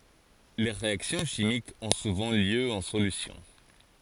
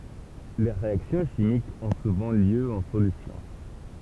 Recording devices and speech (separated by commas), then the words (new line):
forehead accelerometer, temple vibration pickup, read sentence
Les réactions chimiques ont souvent lieu en solution.